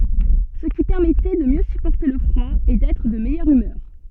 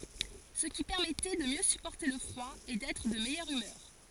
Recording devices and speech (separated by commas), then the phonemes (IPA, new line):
soft in-ear microphone, forehead accelerometer, read sentence
sə ki pɛʁmɛtɛ də mjø sypɔʁte lə fʁwa e dɛtʁ də mɛjœʁ ymœʁ